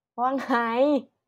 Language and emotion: Thai, happy